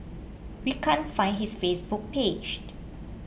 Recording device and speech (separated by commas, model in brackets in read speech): boundary microphone (BM630), read sentence